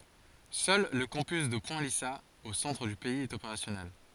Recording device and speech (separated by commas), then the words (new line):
forehead accelerometer, read sentence
Seul le campus de Point Lisas, au centre du pays, est opérationnel.